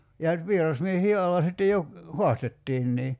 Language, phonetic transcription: Finnish, ja , 'vierasmiehii 'alla sitte jo , "hoastettiinnii .
- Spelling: ja vierasmiehien alla sitten jo haastettiinkin

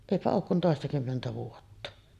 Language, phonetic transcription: Finnish, èipä ook kun 'tòestakymmentä 'vuotta .
- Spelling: eipä ole kuin toistakymmentä vuotta

